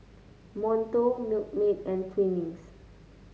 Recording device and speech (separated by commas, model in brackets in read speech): mobile phone (Samsung C9), read sentence